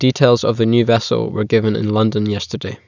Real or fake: real